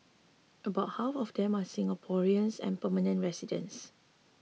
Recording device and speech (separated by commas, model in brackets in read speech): mobile phone (iPhone 6), read sentence